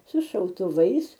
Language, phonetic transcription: Lithuanian, su šautuˈvais

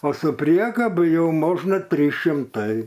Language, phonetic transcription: Lithuanian, o su ˈpriekabu ˈjau ˈmožna ˈtrys šimˈtai

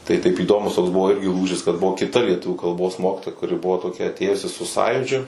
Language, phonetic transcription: Lithuanian, tai taip įˈdomus toks ˈbuvo ˈirgi ˈlūžis kad ˈbuvo kiˈta lieˈtuvių kalˈbos ˈmokitoja kuˈri ˈbuvo toˈkia atˈėjusi su ˈsąjūdžiu

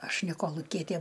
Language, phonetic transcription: Lithuanian, ˈaš ne koluˈkietė

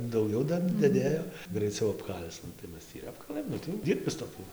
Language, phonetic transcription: Lithuanian, dauˈgiau ˈdar daˈdėjo graiˈcau apˈkal'c nu tai ˈmes tį ir ˈapkalɘm ˈnu tai ˈdyrbis toˈkiu

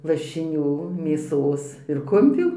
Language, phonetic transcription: Lithuanian, lašiˈnių ˈmėsos ir ˈkumpių

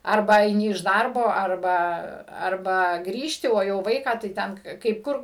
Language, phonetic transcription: Lithuanian, ˈarba aiˈni iš ˈdarbo arˈba arˈba ˈgrįžti o jau ˈvaiką tai ˈten kaip ˈkur

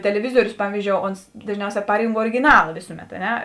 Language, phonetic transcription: Lithuanian, teleˈvizuorius ˈpavyzdžiou ˈons dažˈniauˌsē ˈparynk origiˈnala ˈvėsuˌmet a ˈne

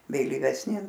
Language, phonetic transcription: Lithuanian, vėlyvesˈni

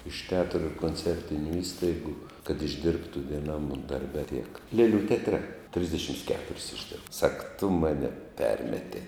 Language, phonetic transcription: Lithuanian, iš teˈatru ir konˈcertiniu ˈįstaigu kad išˈdirbtu vieˈnam darˈbe tiek ˈlėlių teatˈre ˈtrisdešims ˈketuris išˈdirb sak tu ˈmane ˈpermetei

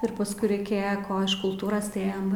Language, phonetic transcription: Lithuanian, ir pasˈkui reiˈkėja ˈko iš kulˈtūros tai ˈėjam

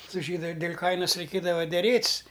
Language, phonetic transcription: Lithuanian, su ˈžydu dėl' ˈkainas reiˈkėdava deˈrėt's'

